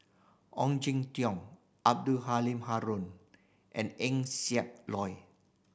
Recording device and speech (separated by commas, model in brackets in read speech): boundary microphone (BM630), read sentence